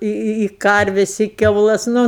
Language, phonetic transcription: Lithuanian, i i i ˈkarves i kiauˈlas ˈnu

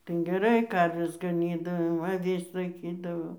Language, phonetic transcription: Lithuanian, ˈten geˈrai ˈkarves gaˈnydavo aˈvis laiˈkydavo

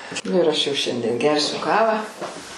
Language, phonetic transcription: Lithuanian, ˈnu ir ˈaš jau ˈšiandien ˈgersiu ˈkavą

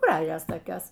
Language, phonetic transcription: Lithuanian, ˈgražios toˈkios

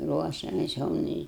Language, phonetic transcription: Lithuanian, ˈruošiames jau ˈnu i

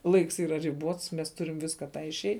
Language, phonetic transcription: Lithuanian, ˈlaiks ˈyra riˈbuots mes ˈturim ˈviska ˈtą išˈei

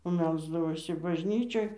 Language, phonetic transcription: Lithuanian, o ˈmelsdavosi bažˈnyčioj

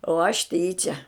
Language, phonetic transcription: Lithuanian, o aš ˈtyčia

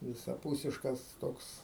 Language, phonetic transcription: Lithuanian, visaˈpūsiškas ˈtoks

